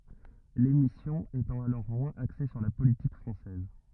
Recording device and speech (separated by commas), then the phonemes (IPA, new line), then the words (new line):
rigid in-ear microphone, read sentence
lemisjɔ̃ etɑ̃ alɔʁ mwɛ̃z akse syʁ la politik fʁɑ̃sɛz
L'émission étant alors moins axée sur la politique française.